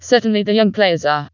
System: TTS, vocoder